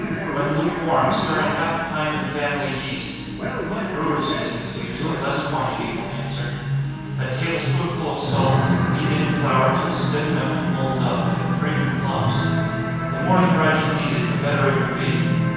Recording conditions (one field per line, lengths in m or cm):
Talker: one person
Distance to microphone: 7.1 m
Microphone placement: far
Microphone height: 1.7 m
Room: very reverberant, large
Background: television